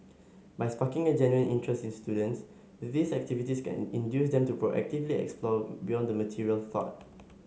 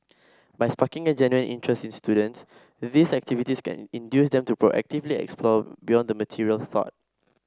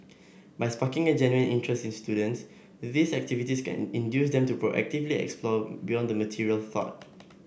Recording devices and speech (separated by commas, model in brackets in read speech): mobile phone (Samsung S8), standing microphone (AKG C214), boundary microphone (BM630), read sentence